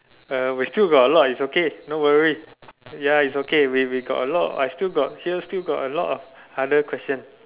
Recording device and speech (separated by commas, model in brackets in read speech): telephone, conversation in separate rooms